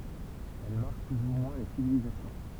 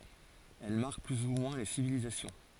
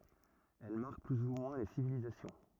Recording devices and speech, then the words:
temple vibration pickup, forehead accelerometer, rigid in-ear microphone, read sentence
Elles marquent plus ou moins les civilisations.

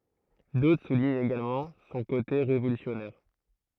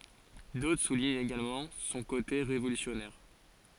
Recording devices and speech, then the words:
throat microphone, forehead accelerometer, read sentence
D'autres soulignent également son côté révolutionnaire.

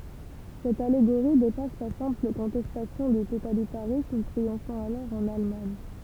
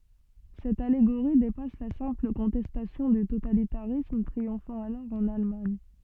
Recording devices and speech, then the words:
temple vibration pickup, soft in-ear microphone, read sentence
Cette allégorie dépasse la simple contestation du totalitarisme triomphant alors en Allemagne.

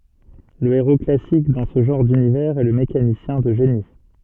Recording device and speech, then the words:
soft in-ear microphone, read sentence
Le héros classique dans ce genre d'univers est le mécanicien de génie.

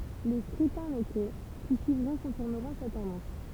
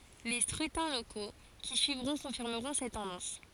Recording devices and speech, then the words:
temple vibration pickup, forehead accelerometer, read sentence
Les scrutins locaux qui suivront confirmeront cette tendance.

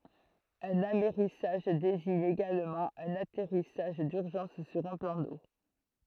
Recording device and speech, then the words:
throat microphone, read sentence
Un amerrissage désigne également un atterrissage d'urgence sur un plan d'eau.

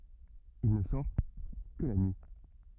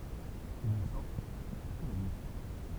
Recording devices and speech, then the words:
rigid in-ear microphone, temple vibration pickup, read sentence
Il ne sort que la nuit.

